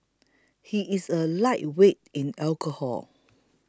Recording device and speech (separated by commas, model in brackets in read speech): close-talking microphone (WH20), read sentence